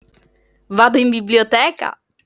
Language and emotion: Italian, happy